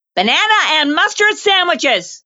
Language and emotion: English, disgusted